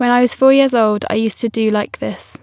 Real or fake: real